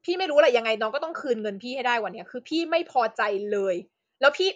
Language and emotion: Thai, angry